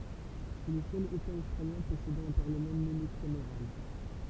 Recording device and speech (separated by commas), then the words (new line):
temple vibration pickup, read sentence
C'est le seul État australien possédant un parlement monocaméral.